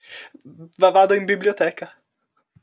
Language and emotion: Italian, fearful